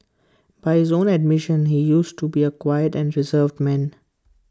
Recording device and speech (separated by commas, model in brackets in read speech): close-talking microphone (WH20), read sentence